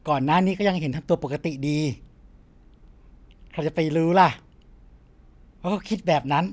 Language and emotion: Thai, happy